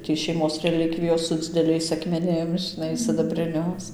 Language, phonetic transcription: Lithuanian, tį šeiˈmos reˈlikvijos su dzideˈliais akmeˈnim žiˈnai sidabriˈnius

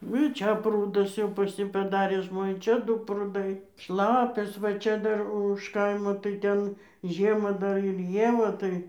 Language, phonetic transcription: Lithuanian, nu i ˈčia ˈprūdus jau pas ˈjį paˈdarė ˈžmonė ˈčia ˈdu pruˈdai ˈšlapias va ˈčia ˈdar už ˈkaimo tai ˈten ˈžiemą ˈdar ir ˈjie va ˈtai

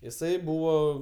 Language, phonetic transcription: Lithuanian, jiˈsai ˈbūvo

